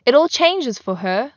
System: none